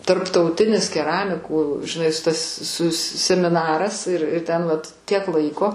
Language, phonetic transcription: Lithuanian, tarptauˈtinis keˈramikų žiˈnai s tas sus semiˈnaras ir i ˈten vat ˈtiek ˈlaiko

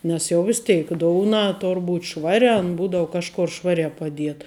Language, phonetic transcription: Lithuanian, ˈnes jau ˈvis teik ˈdouna ˈtor ˈbūt ˈšvaria an ˈbūdavu ˈkažkor ˈšvariā paˈdieta

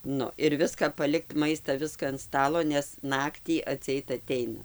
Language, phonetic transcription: Lithuanian, ˈnu ir ˈviska paˈlikt ˈmaista ˈviska an ˈstalo nes ˈnaktį atsiˈeit aˈteina

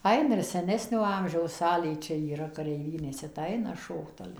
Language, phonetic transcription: Lithuanian, ˈaina ir seˈnesnio ˈamžiaus ˈsalėj ˈčia yˈra kareiˈvynėse tai ˈaina ˈšokt ˈale

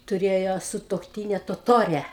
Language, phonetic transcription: Lithuanian, tuˈrėjo sutuokˈtyne toˈtore

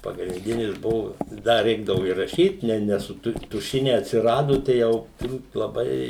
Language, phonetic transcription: Lithuanian, pagrindinis ˈbuvo ˈda ˈreikdavu i raˈšyt ne ne su ˈtu tuˈšiniai atsiˈrado tai ˈjau turˈbūt laˈbai

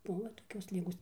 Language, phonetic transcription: Lithuanian, ˈbuvo toˈkios ˈligos

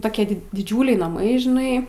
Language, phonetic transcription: Lithuanian, ˈtokie diˈdžiūliai naˈmai žiˈnai

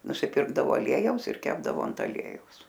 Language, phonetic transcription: Lithuanian, nusiˈpirkdavo aˈliejaus ir ˈkepdavo ant aˈliejaus

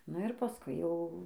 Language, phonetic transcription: Lithuanian, nu ir paˈskui jau

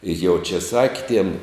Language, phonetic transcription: Lithuanian, i jau čia ˈsaki tiem

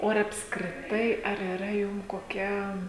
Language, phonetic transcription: Lithuanian, o ar apskriˈtai ar yˈra ˈjum koˈkia

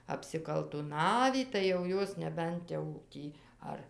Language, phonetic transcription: Lithuanian, apsikaltuˈnavį tai jau ˈjos neˈbent jau ˈtį ˈar

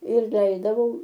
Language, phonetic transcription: Lithuanian, ir ˈleisdavau

